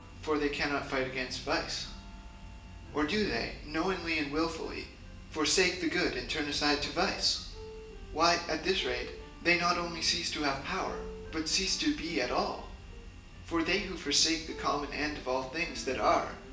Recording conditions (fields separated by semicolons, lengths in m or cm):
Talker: one person; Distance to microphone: 1.8 m; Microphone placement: close; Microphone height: 1.0 m; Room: large; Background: music